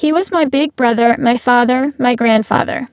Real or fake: fake